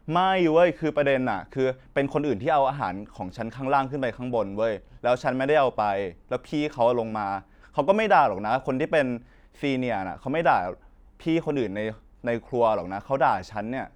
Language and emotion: Thai, frustrated